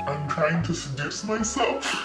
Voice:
deep voice